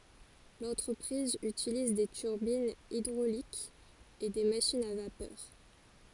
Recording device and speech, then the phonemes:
forehead accelerometer, read sentence
lɑ̃tʁəpʁiz ytiliz de tyʁbinz idʁolikz e de maʃinz a vapœʁ

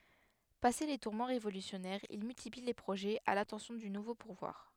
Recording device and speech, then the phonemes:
headset microphone, read sentence
pase le tuʁmɑ̃ ʁevolysjɔnɛʁz il myltipli le pʁoʒɛz a latɑ̃sjɔ̃ dy nuvo puvwaʁ

